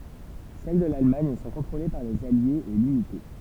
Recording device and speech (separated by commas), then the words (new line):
temple vibration pickup, read sentence
Celles de l’Allemagne sont contrôlées par les Alliés et limitées.